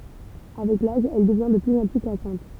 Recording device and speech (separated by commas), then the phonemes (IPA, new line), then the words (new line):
temple vibration pickup, read sentence
avɛk laʒ ɛl dəvjɛ̃ də plyz ɑ̃ ply kasɑ̃t
Avec l'âge, elle devient de plus en plus cassante.